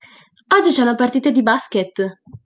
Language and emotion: Italian, happy